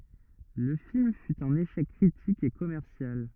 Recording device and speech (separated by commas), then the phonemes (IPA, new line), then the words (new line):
rigid in-ear microphone, read sentence
lə film fy œ̃n eʃɛk kʁitik e kɔmɛʁsjal
Le film fut un échec critique et commercial.